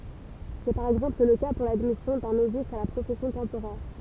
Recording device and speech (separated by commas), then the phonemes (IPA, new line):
temple vibration pickup, read sentence
sɛ paʁ ɛɡzɑ̃pl lə ka puʁ ladmisjɔ̃ dœ̃ novis a la pʁofɛsjɔ̃ tɑ̃poʁɛʁ